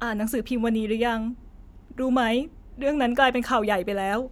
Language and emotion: Thai, sad